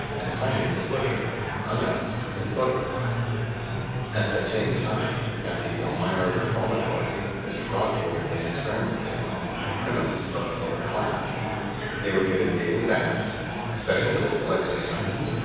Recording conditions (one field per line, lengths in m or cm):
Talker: one person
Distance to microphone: 7.1 m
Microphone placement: far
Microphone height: 1.7 m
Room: very reverberant, large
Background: babble